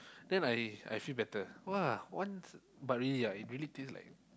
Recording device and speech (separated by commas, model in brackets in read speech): close-talking microphone, conversation in the same room